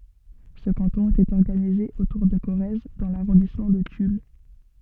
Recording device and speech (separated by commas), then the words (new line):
soft in-ear microphone, read sentence
Ce canton était organisé autour de Corrèze dans l'arrondissement de Tulle.